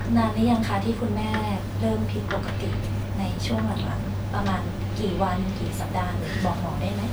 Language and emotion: Thai, neutral